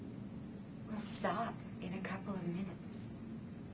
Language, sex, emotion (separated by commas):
English, female, neutral